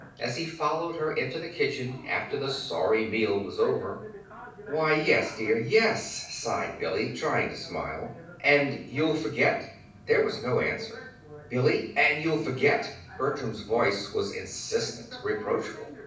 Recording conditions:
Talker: one person; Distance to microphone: 5.8 m; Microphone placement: far; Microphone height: 1.8 m; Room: medium-sized (5.7 m by 4.0 m); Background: television

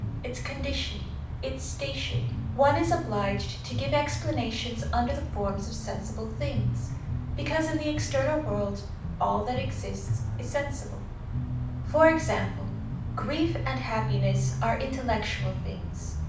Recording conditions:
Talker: one person; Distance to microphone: 5.8 m; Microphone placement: far; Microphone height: 1.8 m; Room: medium-sized (5.7 m by 4.0 m); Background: music

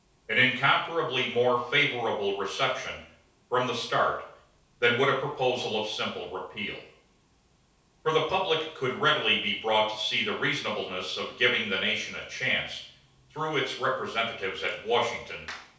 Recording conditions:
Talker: one person; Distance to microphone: 3.0 m; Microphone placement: far; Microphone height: 1.8 m; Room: small (3.7 m by 2.7 m); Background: none

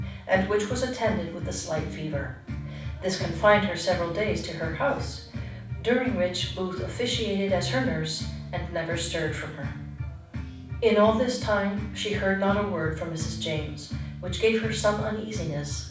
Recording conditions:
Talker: one person; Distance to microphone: 5.8 m; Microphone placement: far; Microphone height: 1.8 m; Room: medium-sized (5.7 m by 4.0 m); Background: music

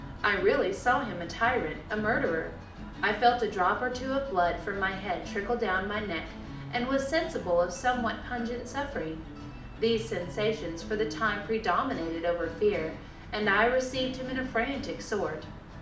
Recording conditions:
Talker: one person; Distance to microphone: 2.0 m; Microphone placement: close; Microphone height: 99 cm; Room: medium-sized (5.7 m by 4.0 m); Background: music

